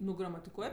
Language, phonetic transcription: Lithuanian, ˈnu gramatiˈkuoj

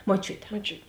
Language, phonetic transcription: Lithuanian, moˈčiute moˈčiut

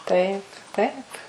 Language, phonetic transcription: Lithuanian, ˈtaip ˈtaip

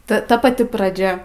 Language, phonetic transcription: Lithuanian, ˈta ˈta paˈti praˈdžia

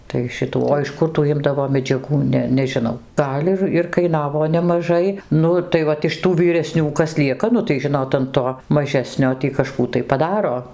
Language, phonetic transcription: Lithuanian, tai ˈšitų o iš ˈkur tų ˈimdavo medžiaˈgų ˈne nežiˈnau ˈgal' ir ir kaiˈnavo nemaˈžai ˈnu tai ˈvat iš ˈtų vyreˈsnių ˈkas ˈlieka ˈnu tai ˈžinot an ˈto maˈžesnio tį kažˈkų tai paˈdaro

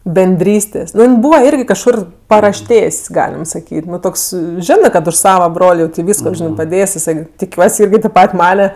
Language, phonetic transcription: Lithuanian, benˈdrystės' ˈnu jin ˈbūva ˈirgi kažˈkur parašˈtės' ˈgalim saˈkyt' ˈnu ˈtoks ˈžinɜ kad už ˈsava ˈbrol' jau tė ˈvysko ˈžinɜ paˈdės' jiˈsai tiˈkiuos' ˈirgi tėp ˈpat' ˈmane

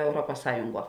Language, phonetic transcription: Lithuanian, euˈruopas ˈsąjunˌguo

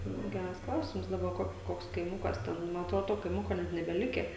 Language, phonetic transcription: Lithuanian, nu ˈgæras ˈklausims daˈba ˈkok ˈkoks kaiˈmukas ˈten man atˈrodo ˈto kaiˈmuko ˈnet nebeˈlikę

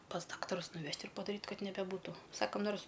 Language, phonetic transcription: Lithuanian, pas ˈdaktarus nuˈvežt' ir padaˈryt' ˈkad nebeˈbūtu ˈsakam ˈnors

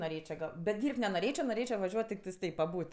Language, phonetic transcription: Lithuanian, noˈrėčio ˈgal bet ˈdyrb't' nenoˈrėčio noˈrėčio vaˈžiuot tikˈtais ˈtaip paˈbūt

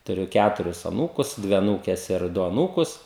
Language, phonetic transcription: Lithuanian, tuˈriu ˈkæturis aˈnūkus ˈdvi aˈnūkes ir ˈdu aˈnūkus

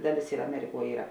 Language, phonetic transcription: Lithuanian, ˈdaˌlės ir aˈmeriˌkuo ˈyra

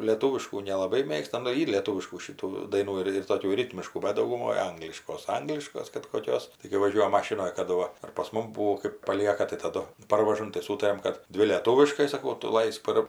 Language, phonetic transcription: Lithuanian, lėˈtūviškų nelaˈbai ˈmėgsta nu ˈyr lėˈtūviškų šiˈtų ˈdainų ir ir toˈkių ˈritmiškų ˈbet dauguˈmoj ˈangliškos ˈangliškos kad koˈkios tai kai vaˈžiuojam ˈmašinoj kaˈdu ˈva ar pas ˈmum ˈbūo kɜp paˈlieka tai taˈdu ˈparvažam tai ˈsūtariam ˈkad ˈdvi lėˈtūviškai saˈkau ˈtu ˈlaisk par

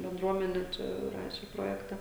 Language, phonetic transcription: Lithuanian, benˈdruomene ˈčia ˈraše ˈprojekta

